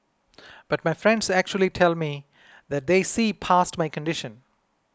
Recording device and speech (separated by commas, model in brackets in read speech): close-talking microphone (WH20), read sentence